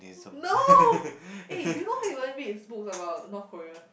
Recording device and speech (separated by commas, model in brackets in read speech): boundary microphone, conversation in the same room